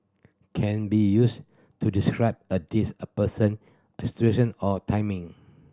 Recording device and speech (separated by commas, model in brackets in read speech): standing microphone (AKG C214), read sentence